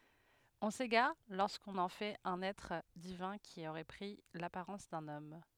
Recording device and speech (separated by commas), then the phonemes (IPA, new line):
headset microphone, read sentence
ɔ̃ seɡaʁ loʁskɔ̃n ɑ̃ fɛt œ̃n ɛtʁ divɛ̃ ki oʁɛ pʁi lapaʁɑ̃s dœ̃n ɔm